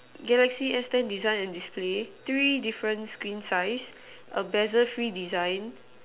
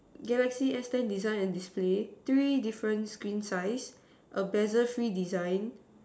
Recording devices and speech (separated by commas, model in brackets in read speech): telephone, standing microphone, conversation in separate rooms